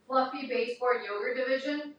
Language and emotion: English, neutral